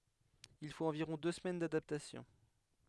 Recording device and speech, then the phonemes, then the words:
headset microphone, read sentence
il fot ɑ̃viʁɔ̃ dø səmɛn dadaptasjɔ̃
Il faut environ deux semaines d'adaptation.

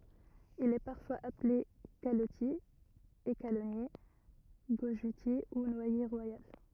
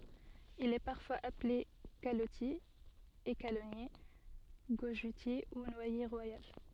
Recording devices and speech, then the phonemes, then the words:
rigid in-ear microphone, soft in-ear microphone, read sentence
il ɛ paʁfwaz aple kalɔtje ekalɔnje ɡoʒøtje u nwaje ʁwajal
Il est parfois appelé calottier, écalonnier, gojeutier ou noyer royal.

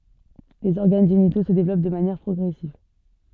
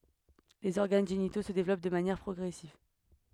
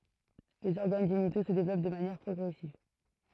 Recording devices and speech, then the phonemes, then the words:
soft in-ear microphone, headset microphone, throat microphone, read sentence
lez ɔʁɡan ʒenito sə devlɔp də manjɛʁ pʁɔɡʁɛsiv
Les organes génitaux se développent de manière progressive.

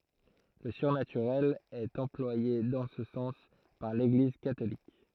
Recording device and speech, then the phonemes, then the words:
throat microphone, read sentence
lə syʁnatyʁɛl ɛt ɑ̃plwaje dɑ̃ sə sɑ̃s paʁ leɡliz katolik
Le surnaturel est employé dans ce sens par l'Église catholique.

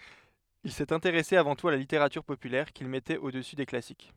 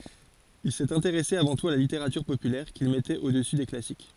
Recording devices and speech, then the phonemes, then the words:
headset microphone, forehead accelerometer, read sentence
il sɛt ɛ̃teʁɛse avɑ̃ tut a la liteʁatyʁ popylɛʁ kil mɛtɛt odəsy de klasik
Il s'est intéressé avant tout à la littérature populaire, qu'il mettait au-dessus des Classiques.

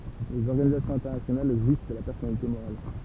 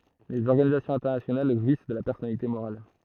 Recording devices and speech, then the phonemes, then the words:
temple vibration pickup, throat microphone, read sentence
lez ɔʁɡanizasjɔ̃z ɛ̃tɛʁnasjonal ʒwis də la pɛʁsɔnalite moʁal
Les organisations internationales jouissent de la personnalité morale.

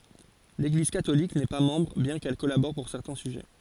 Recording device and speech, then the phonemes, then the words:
forehead accelerometer, read sentence
leɡliz katolik nɛ pa mɑ̃bʁ bjɛ̃ kɛl kɔlabɔʁ puʁ sɛʁtɛ̃ syʒɛ
L'Église catholique n'est pas membre, bien qu'elle collabore pour certains sujets.

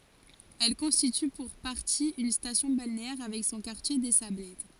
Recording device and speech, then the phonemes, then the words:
forehead accelerometer, read sentence
ɛl kɔ̃stity puʁ paʁti yn stasjɔ̃ balneɛʁ avɛk sɔ̃ kaʁtje de sablɛt
Elle constitue pour partie une station balnéaire avec son quartier des Sablettes.

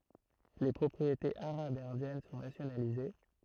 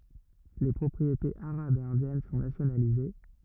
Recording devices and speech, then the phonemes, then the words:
throat microphone, rigid in-ear microphone, read sentence
le pʁɔpʁietez aʁabz e ɛ̃djɛn sɔ̃ nasjonalize
Les propriétés arabes et indiennes sont nationalisées.

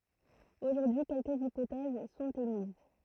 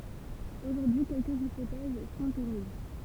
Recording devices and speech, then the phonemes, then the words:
throat microphone, temple vibration pickup, read sentence
oʒuʁdyi kɛlkəz ipotɛz sɔ̃t emiz
Aujourd'hui quelques hypothèses sont émises.

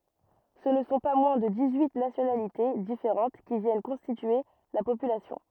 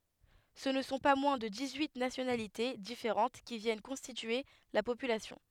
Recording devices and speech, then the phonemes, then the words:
rigid in-ear microphone, headset microphone, read sentence
sə nə sɔ̃ pa mwɛ̃ də dis yi nasjonalite difeʁɑ̃t ki vjɛn kɔ̃stitye la popylasjɔ̃
Ce ne sont pas moins de dix-huit nationalités différentes qui viennent constituer la population.

